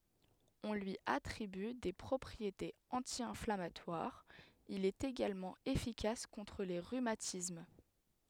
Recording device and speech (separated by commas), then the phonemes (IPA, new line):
headset microphone, read sentence
ɔ̃ lyi atʁiby de pʁɔpʁietez ɑ̃tjɛ̃flamatwaʁz il ɛt eɡalmɑ̃ efikas kɔ̃tʁ le ʁymatism